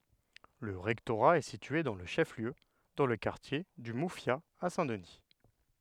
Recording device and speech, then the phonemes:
headset microphone, read sentence
lə ʁɛktoʁa ɛ sitye dɑ̃ lə ʃɛf ljø dɑ̃ lə kaʁtje dy mufja a sɛ̃ dəni

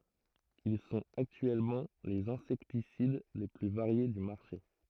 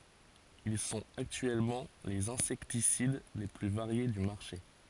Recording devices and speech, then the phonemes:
throat microphone, forehead accelerometer, read sentence
il sɔ̃t aktyɛlmɑ̃ lez ɛ̃sɛktisid le ply vaʁje dy maʁʃe

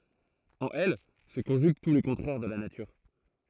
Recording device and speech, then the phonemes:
throat microphone, read sentence
ɑ̃n ɛl sə kɔ̃ʒyɡ tu le kɔ̃tʁɛʁ də la natyʁ

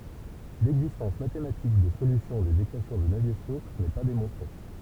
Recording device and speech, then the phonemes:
temple vibration pickup, read sentence
lɛɡzistɑ̃s matematik də solysjɔ̃ dez ekwasjɔ̃ də navje stoks nɛ pa demɔ̃tʁe

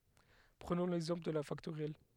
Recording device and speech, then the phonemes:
headset microphone, read sentence
pʁənɔ̃ lɛɡzɑ̃pl də la faktoʁjɛl

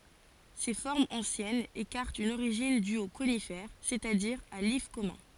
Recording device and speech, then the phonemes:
forehead accelerometer, read sentence
se fɔʁmz ɑ̃sjɛnz ekaʁtt yn oʁiʒin dy o konifɛʁ sɛt a diʁ a lif kɔmœ̃

